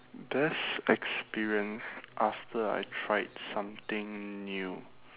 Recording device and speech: telephone, conversation in separate rooms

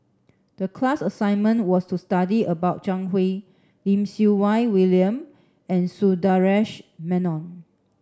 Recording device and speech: standing microphone (AKG C214), read sentence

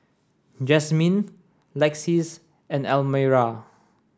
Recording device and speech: standing microphone (AKG C214), read sentence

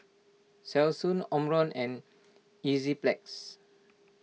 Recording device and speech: mobile phone (iPhone 6), read sentence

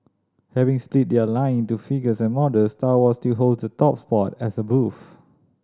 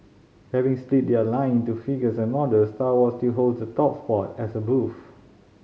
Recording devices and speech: standing microphone (AKG C214), mobile phone (Samsung C5010), read sentence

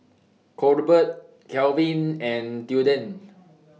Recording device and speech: mobile phone (iPhone 6), read sentence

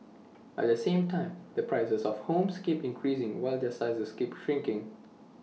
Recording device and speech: mobile phone (iPhone 6), read sentence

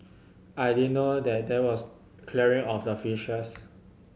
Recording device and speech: mobile phone (Samsung C7100), read sentence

